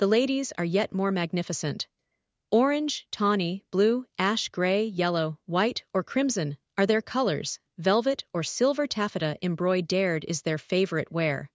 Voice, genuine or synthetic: synthetic